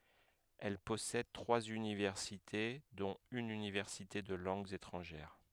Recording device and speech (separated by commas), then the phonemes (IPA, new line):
headset microphone, read sentence
ɛl pɔsɛd tʁwaz ynivɛʁsite dɔ̃t yn ynivɛʁsite də lɑ̃ɡz etʁɑ̃ʒɛʁ